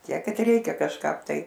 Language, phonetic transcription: Lithuanian, ˈtiek ˈkad ˈreikia kažˈkap ˈtai

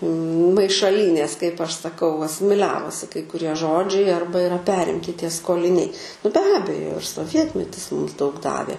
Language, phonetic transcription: Lithuanian, maišaˈlynės kaip ˈaš saˈkau asimiˈliavosi kai kuˈrie ˈžodžiai ˈarba iˈra ˈperimti ˈtie skoliˈniai nu be ˈabejo ir soˈvietmetis ˈmums daug ˈdavė

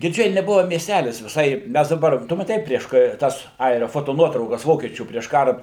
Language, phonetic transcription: Lithuanian, girˈdžiai neˈbuva miesˈtælis viˈsai ˈmæs daˈbar ˈtu maˈtei ˈprieš ka ˈtas ˈairia ˌfotoˈnuotraukas ˈvokiečių prieš ˈkara

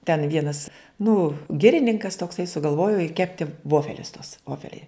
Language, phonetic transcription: Lithuanian, ten ˈvienas nu ˈgirininkas tokˈsai sugalˈvojo i ˈkepti ˈvofelius tuos ˈvofeliai

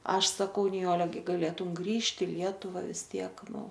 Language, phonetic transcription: Lithuanian, ˈaš saˈkau niˈjole ˈgi gaˈlėtum ˈgrįžti i ˈlietuva vis ˈtiek ˈnu

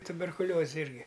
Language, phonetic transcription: Lithuanian, tuberkuˈlioze ˈirgi

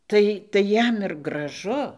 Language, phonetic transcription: Lithuanian, ˈtai tai ˈjam ir graˈžu

